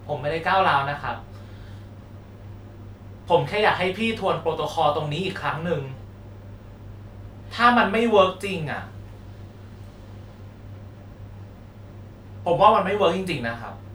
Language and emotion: Thai, frustrated